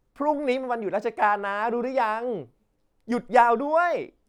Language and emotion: Thai, happy